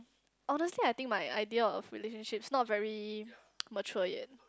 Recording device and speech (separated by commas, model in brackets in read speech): close-talking microphone, conversation in the same room